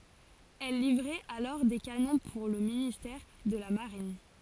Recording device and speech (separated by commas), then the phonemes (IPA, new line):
forehead accelerometer, read sentence
ɛl livʁɛt alɔʁ de kanɔ̃ puʁ lə ministɛʁ də la maʁin